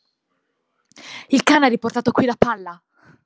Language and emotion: Italian, angry